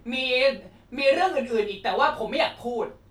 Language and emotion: Thai, frustrated